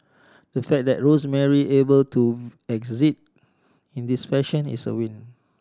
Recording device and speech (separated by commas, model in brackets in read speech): standing microphone (AKG C214), read sentence